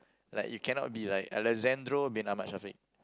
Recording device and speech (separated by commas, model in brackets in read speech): close-talking microphone, conversation in the same room